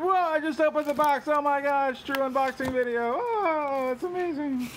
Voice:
funny voice